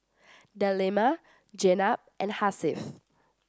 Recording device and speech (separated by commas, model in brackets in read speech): standing microphone (AKG C214), read sentence